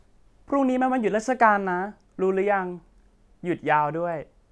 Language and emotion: Thai, neutral